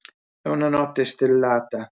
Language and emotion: Italian, sad